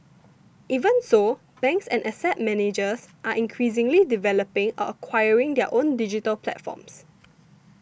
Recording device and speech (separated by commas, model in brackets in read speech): boundary microphone (BM630), read sentence